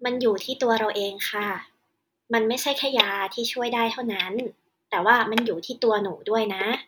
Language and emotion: Thai, neutral